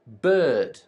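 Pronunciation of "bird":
In 'bird', the vowel is a long er sound and the R is not pronounced, as in British English pronunciation.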